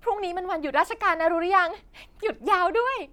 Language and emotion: Thai, happy